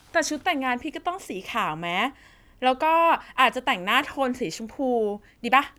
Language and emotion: Thai, happy